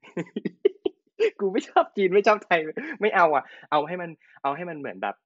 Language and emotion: Thai, happy